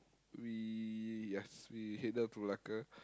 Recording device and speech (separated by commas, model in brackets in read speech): close-talking microphone, conversation in the same room